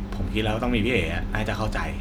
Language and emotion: Thai, neutral